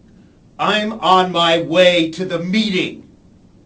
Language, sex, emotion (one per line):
English
male
angry